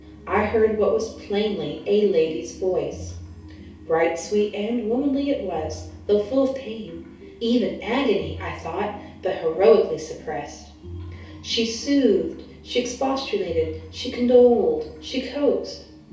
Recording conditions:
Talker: one person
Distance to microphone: 3.0 m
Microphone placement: far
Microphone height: 1.8 m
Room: small (3.7 m by 2.7 m)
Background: music

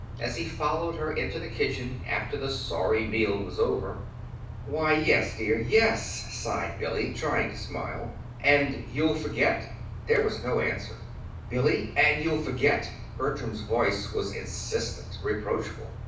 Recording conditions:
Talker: one person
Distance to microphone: 5.8 m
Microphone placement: far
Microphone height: 1.8 m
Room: medium-sized (5.7 m by 4.0 m)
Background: none

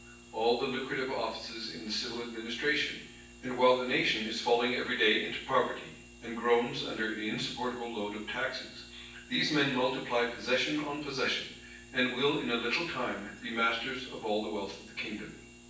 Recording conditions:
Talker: one person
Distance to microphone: 9.8 m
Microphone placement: far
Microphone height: 1.8 m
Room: large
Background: none

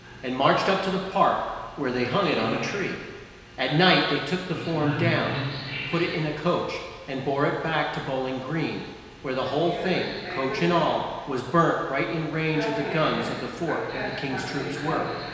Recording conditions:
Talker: one person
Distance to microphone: 1.7 m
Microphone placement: close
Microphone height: 1.0 m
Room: very reverberant, large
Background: television

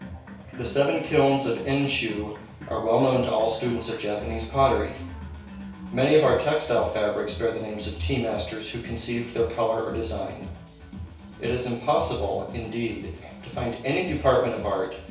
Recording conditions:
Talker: one person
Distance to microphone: 3.0 m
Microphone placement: far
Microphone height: 1.8 m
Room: small (3.7 m by 2.7 m)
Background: music

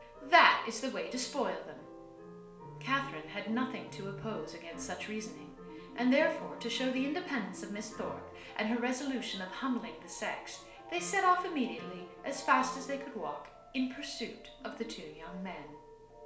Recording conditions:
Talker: one person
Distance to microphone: 1.0 m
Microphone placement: close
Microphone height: 1.1 m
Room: small (3.7 m by 2.7 m)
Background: music

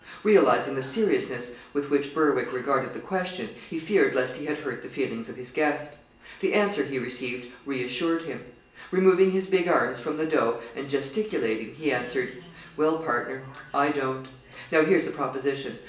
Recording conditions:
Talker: one person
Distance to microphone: 1.8 m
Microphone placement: close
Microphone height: 1.0 m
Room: large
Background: television

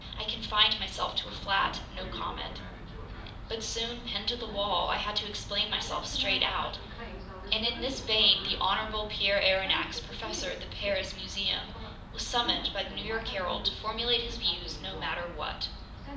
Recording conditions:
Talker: one person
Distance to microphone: 2.0 m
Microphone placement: close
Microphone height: 99 cm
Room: medium-sized (5.7 m by 4.0 m)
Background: television

